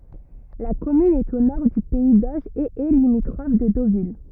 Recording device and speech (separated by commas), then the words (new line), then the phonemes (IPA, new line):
rigid in-ear microphone, read sentence
La commune est au nord du pays d'Auge et est limitrophe de Deauville.
la kɔmyn ɛt o nɔʁ dy pɛi doʒ e ɛ limitʁɔf də dovil